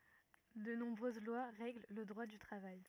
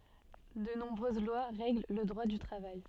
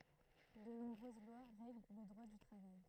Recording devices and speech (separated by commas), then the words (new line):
rigid in-ear microphone, soft in-ear microphone, throat microphone, read sentence
De nombreuses lois règlent le Droit du travail.